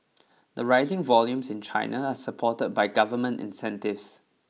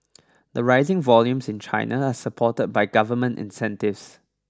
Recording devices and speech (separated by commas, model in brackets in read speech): mobile phone (iPhone 6), standing microphone (AKG C214), read sentence